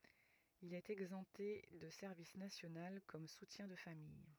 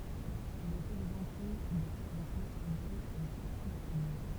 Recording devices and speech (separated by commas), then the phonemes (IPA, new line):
rigid in-ear microphone, temple vibration pickup, read sentence
il ɛt ɛɡzɑ̃pte də sɛʁvis nasjonal kɔm sutjɛ̃ də famij